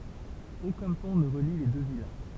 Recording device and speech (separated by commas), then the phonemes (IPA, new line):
temple vibration pickup, read sentence
okœ̃ pɔ̃ nə ʁəli le dø vil